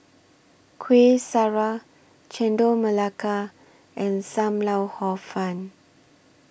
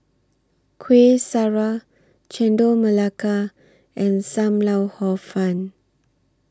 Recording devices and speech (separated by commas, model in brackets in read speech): boundary microphone (BM630), standing microphone (AKG C214), read sentence